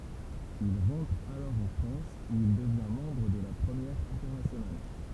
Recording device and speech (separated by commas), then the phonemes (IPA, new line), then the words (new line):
temple vibration pickup, read sentence
il ʁɑ̃tʁ alɔʁ ɑ̃ fʁɑ̃s u il dəvjɛ̃ mɑ̃bʁ də la pʁəmjɛʁ ɛ̃tɛʁnasjonal
Il rentre alors en France où il devient membre de la Première Internationale.